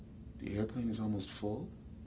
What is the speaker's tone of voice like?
neutral